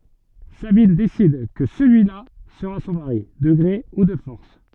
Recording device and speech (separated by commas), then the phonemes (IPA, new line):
soft in-ear microphone, read sentence
sabin desid kə səlyila səʁa sɔ̃ maʁi də ɡʁe u də fɔʁs